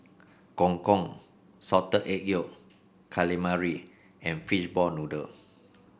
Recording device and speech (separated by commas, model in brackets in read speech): boundary microphone (BM630), read sentence